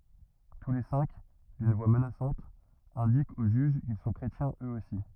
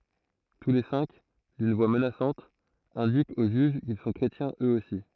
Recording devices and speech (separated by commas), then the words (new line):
rigid in-ear microphone, throat microphone, read sentence
Tous les cinq, d'une voix menaçante, indiquent au juge qu'ils sont chrétiens eux aussi.